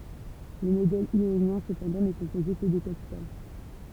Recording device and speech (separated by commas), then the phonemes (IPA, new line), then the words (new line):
temple vibration pickup, read sentence
lə modɛl jonjɛ̃ səpɑ̃dɑ̃ nɛ kɔ̃poze kə də kapital
Le modèle ionien, cependant, n'est composé que de capitales.